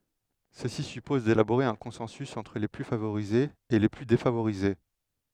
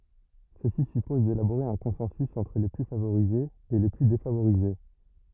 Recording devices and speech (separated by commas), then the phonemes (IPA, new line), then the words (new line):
headset microphone, rigid in-ear microphone, read sentence
səsi sypɔz delaboʁe œ̃ kɔ̃sɑ̃sy ɑ̃tʁ le ply favoʁizez e le ply defavoʁize
Ceci suppose d'élaborer un consensus entre les plus favorisés et les plus défavorisés.